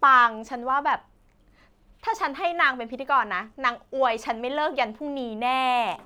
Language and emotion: Thai, happy